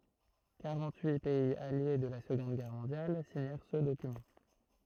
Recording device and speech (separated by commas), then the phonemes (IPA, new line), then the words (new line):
throat microphone, read sentence
kaʁɑ̃t yi pɛiz alje də la səɡɔ̃d ɡɛʁ mɔ̃djal siɲɛʁ sə dokymɑ̃
Quarante-huit pays alliés de la Seconde Guerre mondiale signèrent ce document.